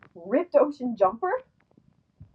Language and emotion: English, surprised